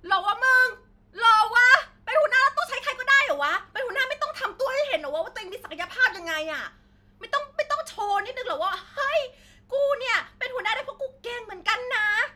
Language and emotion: Thai, angry